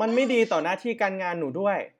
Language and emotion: Thai, frustrated